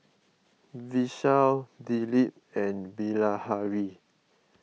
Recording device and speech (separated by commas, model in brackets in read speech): mobile phone (iPhone 6), read sentence